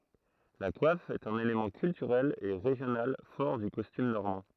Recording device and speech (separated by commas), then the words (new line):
throat microphone, read sentence
La coiffe est un élément culturel et régional fort du costume normand.